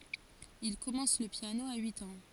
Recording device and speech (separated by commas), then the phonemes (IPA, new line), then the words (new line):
forehead accelerometer, read sentence
il kɔmɑ̃s lə pjano a yit ɑ̃
Il commence le piano à huit ans.